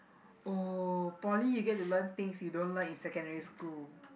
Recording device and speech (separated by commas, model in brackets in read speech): boundary microphone, conversation in the same room